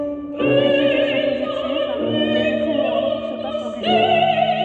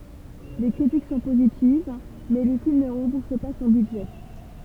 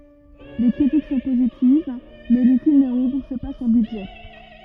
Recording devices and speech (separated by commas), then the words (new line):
soft in-ear microphone, temple vibration pickup, rigid in-ear microphone, read sentence
Les critiques sont positives, mais le film ne rembourse pas son budget.